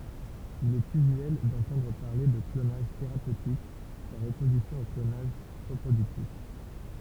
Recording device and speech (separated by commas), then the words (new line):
temple vibration pickup, read sentence
Il est usuel d'entendre parler de clonage thérapeutique, par opposition au clonage reproductif.